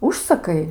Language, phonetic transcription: Lithuanian, ˈužsakai

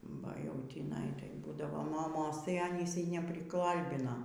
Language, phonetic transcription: Lithuanian, ba jau tįˈnai tai ˈbūdavo moˈmos tai aˈnys nepriˈkalbina

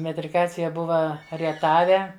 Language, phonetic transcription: Lithuanian, metriˈkacija ˈbuva rieˈtave

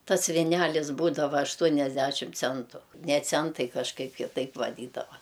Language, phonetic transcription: Lithuanian, ˈtas viˈnælisˈbūdava ašˈtuoniasdæšim ˈcentu ne ˈcentai kažˈkaip kiˈtaip vaˈdydava

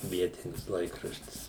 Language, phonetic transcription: Lithuanian, ˈvietinis ˈlaikraštis

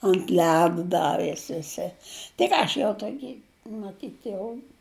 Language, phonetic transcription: Lithuanian, ant ˈledu ˈdavės viˈsi tai ˈką aš viel tuoˈki maˈtyt jau

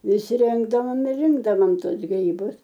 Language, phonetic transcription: Lithuanian, ˈvisˈrinkdavom ir ˈrinkdavom ˈtuos gryˈbus

